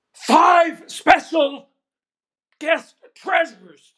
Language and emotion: English, neutral